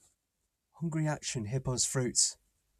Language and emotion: English, sad